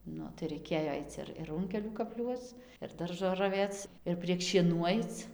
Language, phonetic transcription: Lithuanian, ˈnu tai raiˈkėjo ˈaic ir ir ˈrunkelių kapˈliuoc ir ˈdaržo raˈvėc ir prieg šieˈnų ˈaic

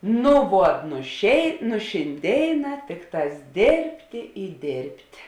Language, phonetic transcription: Lithuanian, nu ˈvuot nu šėi nu šinˈdėiˌnā ˈtikˌtās ˈdėrbtė i ˈdėrbt'

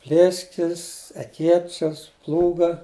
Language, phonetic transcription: Lithuanian, ˈplėskis eˈkėčias ˈplūga

